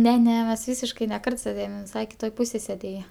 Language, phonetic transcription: Lithuanian, ˈne ˈne mes ˈvysiškai ne ˈkart sėˈdėjom jin viˈsai kiˈtoj ˈpusėj sėˈdėja

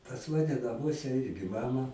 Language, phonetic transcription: Lithuanian, pas ˈmane naˈmuose ˈirgi ˈmama

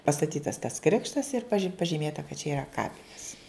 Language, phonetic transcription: Lithuanian, pastaˈtytas tas ˈkrikštas ir pažyˈmėta kad čia yˈra ˈkapines

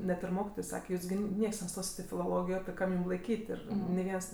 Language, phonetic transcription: Lithuanian, ˈnet ir ˈmokitoj ˈsake ˈjūs gi ˈnieks neˈstosit i filoˈlogijo ˈkam jum laiˈkyt' ir ni ˈviens

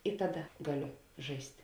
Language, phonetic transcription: Lithuanian, i ˈtaˌda ˈgaˌlio ˈžaist'

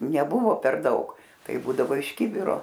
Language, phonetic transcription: Lithuanian, neˈbuvo per ˈdaug ˈtai ˈbūdavo iš ˈkibiro

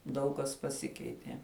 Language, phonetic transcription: Lithuanian, ˈdaug kas paˈsikeitie

